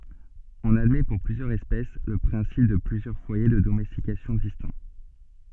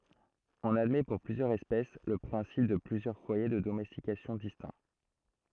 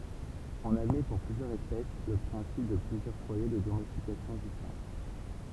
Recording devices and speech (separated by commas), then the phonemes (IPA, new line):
soft in-ear microphone, throat microphone, temple vibration pickup, read sentence
ɔ̃n admɛ puʁ plyzjœʁz ɛspɛs lə pʁɛ̃sip də plyzjœʁ fwaje də domɛstikasjɔ̃ distɛ̃